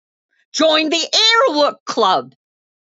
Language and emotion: English, happy